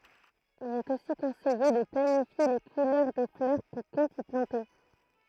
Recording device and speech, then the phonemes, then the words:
throat microphone, read sentence
il ɛt osi kɔ̃sɛje də planifje le kulœʁ de flœʁ kɔ̃ kɔ̃t i plɑ̃te
Il est aussi conseillé de planifier les couleurs des fleurs qu'on compte y planter.

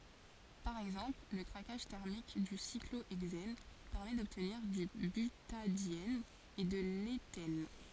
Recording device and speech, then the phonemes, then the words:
forehead accelerometer, read sentence
paʁ ɛɡzɑ̃pl lə kʁakaʒ tɛʁmik dy sikloɛɡzɛn pɛʁmɛ dɔbtniʁ dy bytadjɛn e də letɛn
Par exemple, le craquage thermique du cyclohexène permet d'obtenir du butadiène et de l'éthène.

